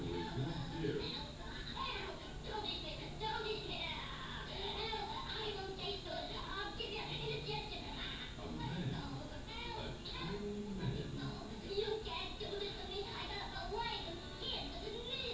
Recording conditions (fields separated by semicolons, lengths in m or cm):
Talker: no one; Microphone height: 1.0 m; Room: large; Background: television